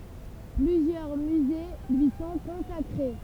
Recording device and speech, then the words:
temple vibration pickup, read sentence
Plusieurs musées lui sont consacrés.

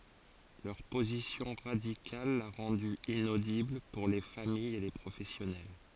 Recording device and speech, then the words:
forehead accelerometer, read sentence
Leur position radicale l'a rendu inaudible pour les familles et les professionnels.

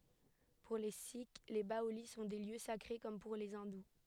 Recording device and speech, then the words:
headset microphone, read sentence
Pour les sikhs, les baolis sont des lieux sacrés, comme pour les hindous.

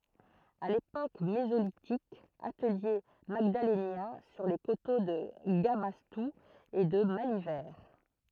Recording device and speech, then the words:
throat microphone, read sentence
À l’époque mésolithique, atelier magdalénien sur les coteaux de Gabastou et de Malivert.

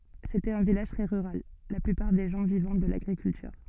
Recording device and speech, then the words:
soft in-ear microphone, read sentence
C'était un village très rural, la plupart des gens vivant de l'agriculture.

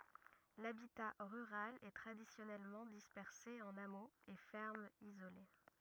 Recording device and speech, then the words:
rigid in-ear microphone, read sentence
L'habitat rural est traditionnellement dispersé en hameaux et fermes isolées.

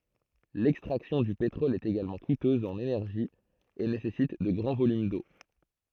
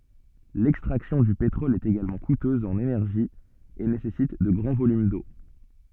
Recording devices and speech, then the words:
throat microphone, soft in-ear microphone, read sentence
L'extraction du pétrole est également coûteuse en énergie et nécessite de grands volumes d'eau.

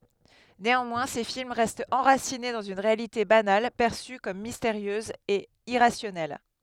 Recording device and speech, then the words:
headset microphone, read sentence
Néanmoins, ses films restent enracinés dans une réalité banale, perçue comme mystérieuse et irrationnelle.

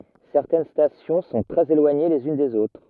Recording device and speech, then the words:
rigid in-ear microphone, read sentence
Certaines stations sont très éloignées les unes des autres.

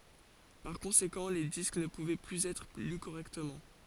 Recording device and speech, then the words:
forehead accelerometer, read sentence
Par conséquent les disques ne pouvaient plus être lus correctement.

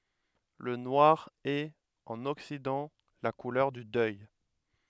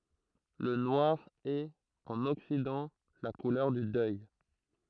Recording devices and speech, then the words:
headset microphone, throat microphone, read sentence
Le noir est, en Occident, la couleur du deuil.

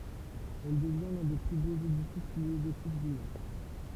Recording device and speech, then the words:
temple vibration pickup, read sentence
Elle devient l'un des plus beaux édifices néo-gothiques du Nord.

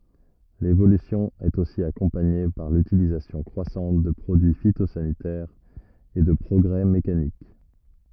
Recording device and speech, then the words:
rigid in-ear microphone, read sentence
L'évolution est aussi accompagnée par l'utilisation croissante de produits phytosanitaires et de progrès mécaniques.

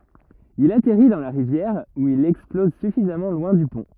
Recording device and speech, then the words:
rigid in-ear microphone, read sentence
Il atterrit dans la rivière où il explose suffisamment loin du pont.

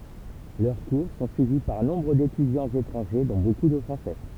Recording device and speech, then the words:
temple vibration pickup, read sentence
Leurs cours sont suivis par nombre d'étudiants étrangers, dont beaucoup de Français.

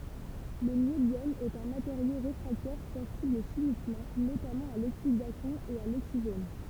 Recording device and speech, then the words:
temple vibration pickup, read sentence
Le niobium est un matériau réfractaire sensible chimiquement, notamment à l'oxydation et à l'oxygène.

